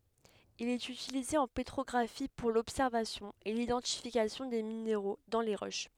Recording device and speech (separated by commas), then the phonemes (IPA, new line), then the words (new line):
headset microphone, read sentence
il ɛt ytilize ɑ̃ petʁɔɡʁafi puʁ lɔbsɛʁvasjɔ̃ e lidɑ̃tifikasjɔ̃ de mineʁo dɑ̃ le ʁoʃ
Il est utilisé en pétrographie pour l'observation et l'identification des minéraux dans les roches.